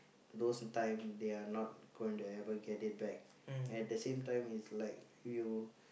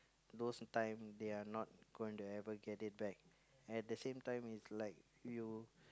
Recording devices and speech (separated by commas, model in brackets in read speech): boundary microphone, close-talking microphone, conversation in the same room